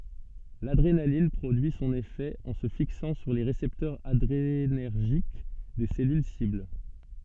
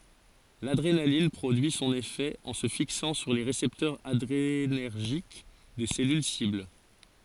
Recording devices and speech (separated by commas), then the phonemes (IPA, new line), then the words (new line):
soft in-ear microphone, forehead accelerometer, read sentence
ladʁenalin pʁodyi sɔ̃n efɛ ɑ̃ sə fiksɑ̃ syʁ le ʁesɛptœʁz adʁenɛʁʒik de sɛlyl sibl
L’adrénaline produit son effet en se fixant sur les récepteurs adrénergiques des cellules cibles.